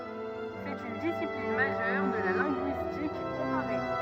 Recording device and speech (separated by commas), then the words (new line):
rigid in-ear microphone, read sentence
C'est une discipline majeure de la linguistique comparée.